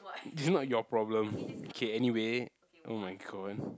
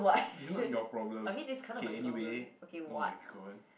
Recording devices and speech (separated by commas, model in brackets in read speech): close-talking microphone, boundary microphone, conversation in the same room